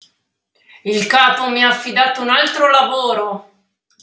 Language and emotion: Italian, angry